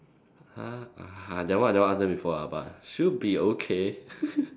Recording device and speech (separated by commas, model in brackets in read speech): standing microphone, conversation in separate rooms